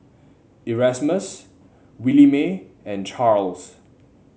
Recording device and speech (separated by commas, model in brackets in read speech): mobile phone (Samsung C7), read sentence